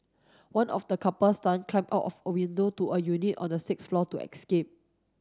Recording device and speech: standing microphone (AKG C214), read sentence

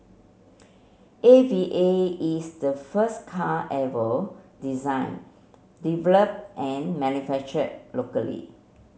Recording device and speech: mobile phone (Samsung C7), read sentence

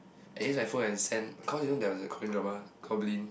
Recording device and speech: boundary microphone, conversation in the same room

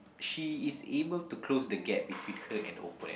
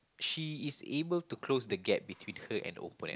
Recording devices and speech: boundary microphone, close-talking microphone, conversation in the same room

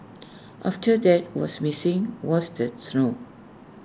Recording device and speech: standing microphone (AKG C214), read sentence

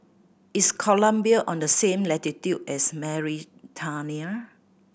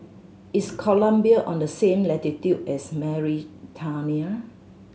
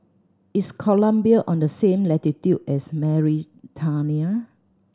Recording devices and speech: boundary microphone (BM630), mobile phone (Samsung C7100), standing microphone (AKG C214), read sentence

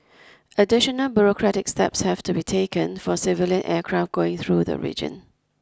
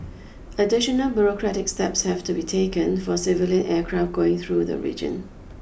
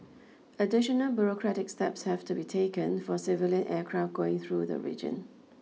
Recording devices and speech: close-talking microphone (WH20), boundary microphone (BM630), mobile phone (iPhone 6), read sentence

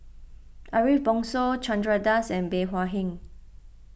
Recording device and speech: boundary microphone (BM630), read sentence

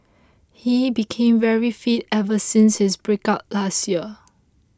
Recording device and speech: close-talking microphone (WH20), read sentence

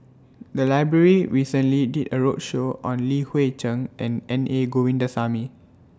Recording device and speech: standing microphone (AKG C214), read sentence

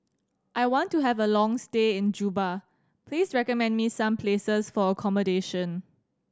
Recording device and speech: standing microphone (AKG C214), read sentence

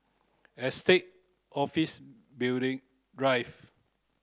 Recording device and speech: close-talking microphone (WH30), read sentence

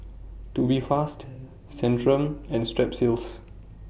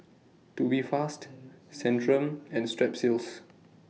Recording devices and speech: boundary microphone (BM630), mobile phone (iPhone 6), read sentence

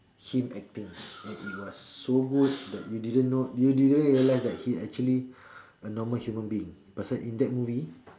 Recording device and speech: standing microphone, conversation in separate rooms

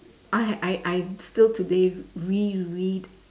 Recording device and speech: standing microphone, conversation in separate rooms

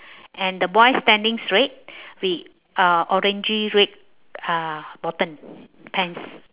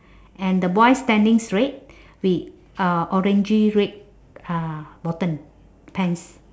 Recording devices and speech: telephone, standing microphone, conversation in separate rooms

